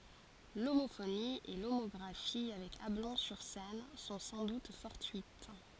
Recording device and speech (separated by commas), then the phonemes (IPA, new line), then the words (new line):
forehead accelerometer, read sentence
lomofoni e lomɔɡʁafi avɛk ablɔ̃ syʁ sɛn sɔ̃ sɑ̃ dut fɔʁtyit
L'homophonie et l'homographie avec Ablon-sur-Seine sont sans doute fortuites.